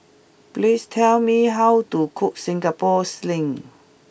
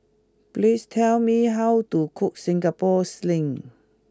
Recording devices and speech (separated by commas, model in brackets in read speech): boundary microphone (BM630), close-talking microphone (WH20), read sentence